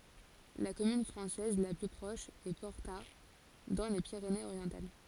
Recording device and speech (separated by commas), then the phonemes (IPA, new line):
forehead accelerometer, read sentence
la kɔmyn fʁɑ̃sɛz la ply pʁɔʃ ɛ pɔʁta dɑ̃ le piʁeneəzoʁjɑ̃tal